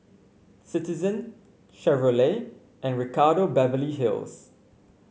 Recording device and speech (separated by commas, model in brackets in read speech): mobile phone (Samsung C5), read sentence